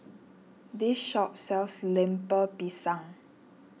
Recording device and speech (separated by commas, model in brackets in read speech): mobile phone (iPhone 6), read sentence